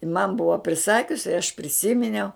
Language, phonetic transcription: Lithuanian, in man ˈbuva priˈsakius i aš priˈsiminiau

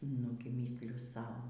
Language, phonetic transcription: Lithuanian, ˈnugi ˈmįsliu ˈsau

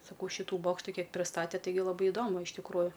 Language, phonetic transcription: Lithuanian, saˈkau ˈšytu ˈbokštu ˈkiek priˈstate ˈtaigi laˈbai iˈdomu iš tikˈrųju

